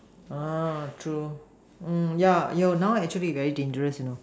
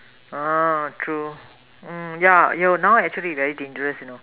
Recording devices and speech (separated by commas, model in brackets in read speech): standing microphone, telephone, conversation in separate rooms